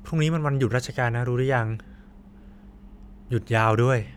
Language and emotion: Thai, neutral